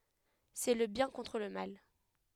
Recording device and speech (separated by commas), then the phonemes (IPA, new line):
headset microphone, read sentence
sɛ lə bjɛ̃ kɔ̃tʁ lə mal